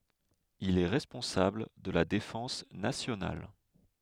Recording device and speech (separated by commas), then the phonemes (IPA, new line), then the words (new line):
headset microphone, read sentence
il ɛ ʁɛspɔ̃sabl də la defɑ̃s nasjonal
Il est responsable de la défense nationale.